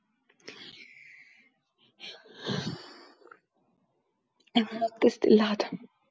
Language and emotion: Italian, fearful